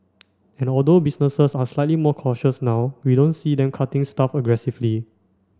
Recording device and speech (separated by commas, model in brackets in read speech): standing microphone (AKG C214), read sentence